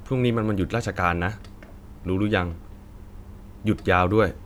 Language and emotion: Thai, neutral